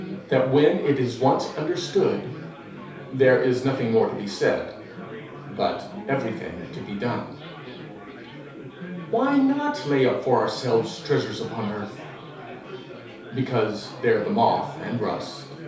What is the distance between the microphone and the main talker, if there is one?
3.0 m.